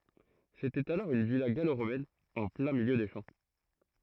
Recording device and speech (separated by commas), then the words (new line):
throat microphone, read sentence
C'était alors une villa gallo-romaine en plein milieu des champs.